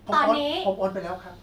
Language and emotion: Thai, neutral